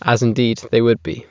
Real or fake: real